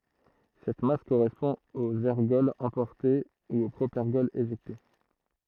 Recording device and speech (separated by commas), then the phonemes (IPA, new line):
throat microphone, read sentence
sɛt mas koʁɛspɔ̃ oz ɛʁɡɔlz ɑ̃pɔʁte u o pʁopɛʁɡɔl eʒɛkte